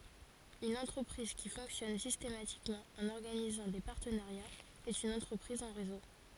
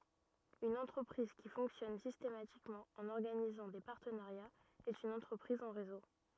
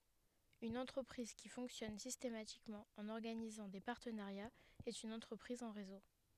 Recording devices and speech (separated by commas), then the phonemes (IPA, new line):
forehead accelerometer, rigid in-ear microphone, headset microphone, read sentence
yn ɑ̃tʁəpʁiz ki fɔ̃ksjɔn sistematikmɑ̃ ɑ̃n ɔʁɡanizɑ̃ de paʁtənaʁjaz ɛt yn ɑ̃tʁəpʁiz ɑ̃ ʁezo